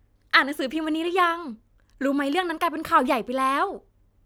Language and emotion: Thai, happy